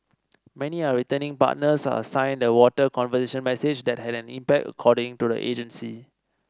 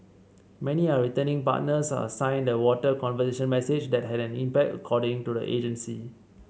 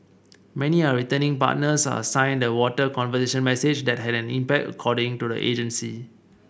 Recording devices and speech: standing microphone (AKG C214), mobile phone (Samsung C7), boundary microphone (BM630), read sentence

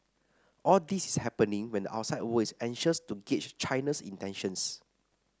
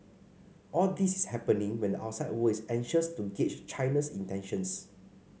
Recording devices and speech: standing microphone (AKG C214), mobile phone (Samsung C5), read sentence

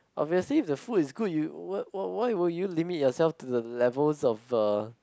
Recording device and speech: close-talking microphone, conversation in the same room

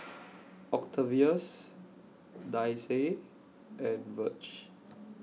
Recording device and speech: mobile phone (iPhone 6), read sentence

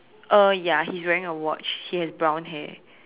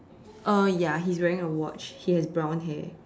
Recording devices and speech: telephone, standing microphone, conversation in separate rooms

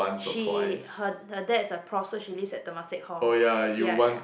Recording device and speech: boundary microphone, conversation in the same room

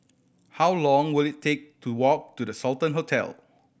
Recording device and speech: boundary microphone (BM630), read sentence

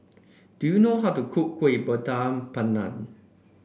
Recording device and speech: boundary microphone (BM630), read sentence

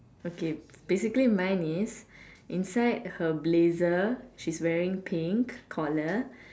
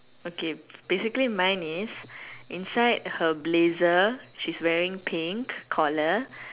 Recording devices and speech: standing microphone, telephone, conversation in separate rooms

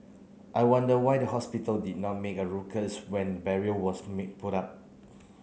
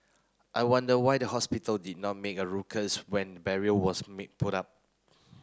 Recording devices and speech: mobile phone (Samsung C9), close-talking microphone (WH30), read sentence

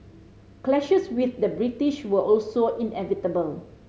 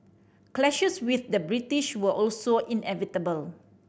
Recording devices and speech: mobile phone (Samsung C5010), boundary microphone (BM630), read sentence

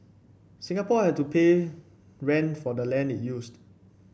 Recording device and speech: boundary microphone (BM630), read sentence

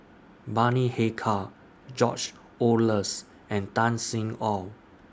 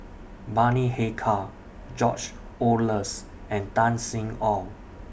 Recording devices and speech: standing microphone (AKG C214), boundary microphone (BM630), read sentence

